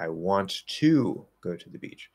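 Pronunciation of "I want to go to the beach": In 'I want to go to the beach', the word 'to' is stressed.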